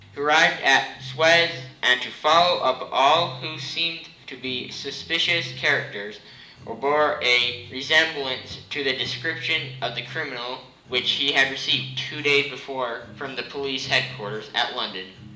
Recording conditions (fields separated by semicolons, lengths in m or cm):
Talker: one person; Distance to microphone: 1.8 m; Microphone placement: close; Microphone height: 1.0 m; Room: large; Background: music